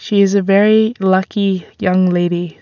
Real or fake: real